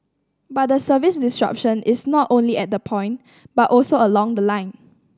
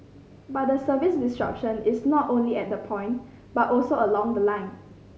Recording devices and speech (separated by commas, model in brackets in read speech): standing microphone (AKG C214), mobile phone (Samsung C5010), read sentence